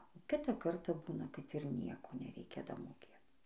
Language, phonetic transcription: Lithuanian, o ˈkitą ˈkartą ˈbūna kad ir ˈnieko neˈreikia damoˈkėc

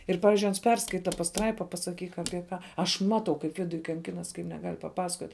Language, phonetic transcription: Lithuanian, ˈir ˈpavizdžiui ˈans ˈperskaita pasˈtraipa pasaˈkyk apie ˈką aš ˈmatau kaip ˈviduj kanˈkinas kaip neˈgal' paˈpasakot'

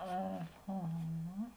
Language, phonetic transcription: Lithuanian, aˈha

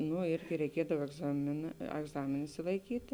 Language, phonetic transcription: Lithuanian, ˈnu ˈirgi reiˈkiedav egˈzamėˌnā agˈzamėn išsilaiˈkyti

